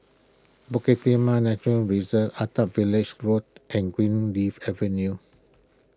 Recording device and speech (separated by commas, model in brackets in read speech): close-talking microphone (WH20), read sentence